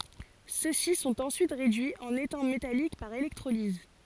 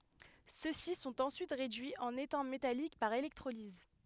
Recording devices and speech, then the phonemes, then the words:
forehead accelerometer, headset microphone, read sentence
sø si sɔ̃t ɑ̃syit ʁedyiz ɑ̃n etɛ̃ metalik paʁ elɛktʁoliz
Ceux-ci sont ensuite réduits en étain métallique par électrolyse.

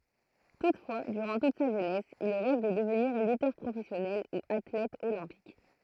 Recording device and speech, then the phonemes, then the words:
throat microphone, read sentence
tutfwa dyʁɑ̃ tut sa ʒønɛs il ʁɛv də dəvniʁ lytœʁ pʁofɛsjɔnɛl u atlɛt olɛ̃pik
Toutefois, durant toute sa jeunesse, il rêve de devenir lutteur professionnel ou athlète olympique.

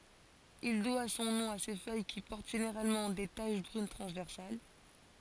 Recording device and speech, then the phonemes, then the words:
forehead accelerometer, read sentence
il dwa sɔ̃ nɔ̃ a se fœj ki pɔʁt ʒeneʁalmɑ̃ de taʃ bʁyn tʁɑ̃zvɛʁsal
Il doit son nom à ses feuilles qui portent généralement des taches brunes transversales.

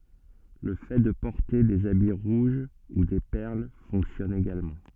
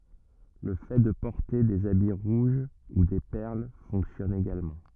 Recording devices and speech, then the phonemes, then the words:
soft in-ear microphone, rigid in-ear microphone, read sentence
lə fɛ də pɔʁte dez abi ʁuʒ u de pɛʁl fɔ̃ksjɔn eɡalmɑ̃
Le fait de porter des habits rouges ou des perles fonctionne également.

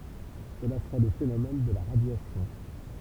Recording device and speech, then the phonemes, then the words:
temple vibration pickup, read sentence
səla səʁɛ lə fenomɛn də la ʁadjasjɔ̃
Cela serait le phénomène de la radiation.

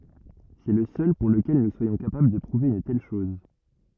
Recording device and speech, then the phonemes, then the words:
rigid in-ear microphone, read sentence
sɛ lə sœl puʁ ləkɛl nu swajɔ̃ kapabl də pʁuve yn tɛl ʃɔz
C'est le seul pour lequel nous soyons capables de prouver une telle chose.

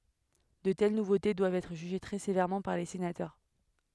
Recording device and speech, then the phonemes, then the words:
headset microphone, read sentence
də tɛl nuvote dwavt ɛtʁ ʒyʒe tʁɛ sevɛʁmɑ̃ paʁ le senatœʁ
De telles nouveautés doivent être jugées très sévèrement par les sénateurs.

